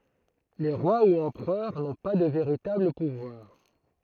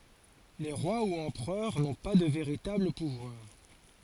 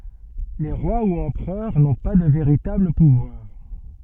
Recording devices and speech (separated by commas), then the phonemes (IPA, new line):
throat microphone, forehead accelerometer, soft in-ear microphone, read sentence
le ʁwa u ɑ̃pʁœʁ nɔ̃ pa də veʁitabl puvwaʁ